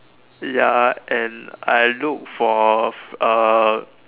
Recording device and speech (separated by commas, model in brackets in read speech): telephone, conversation in separate rooms